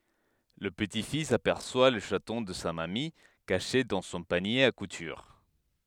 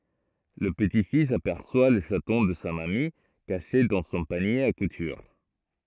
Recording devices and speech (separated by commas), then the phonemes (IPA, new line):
headset microphone, throat microphone, read sentence
lə pəti fis apɛʁswa lə ʃatɔ̃ də sa mami kaʃe dɑ̃ sɔ̃ panje a kutyʁ